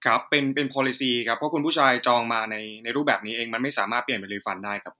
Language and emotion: Thai, neutral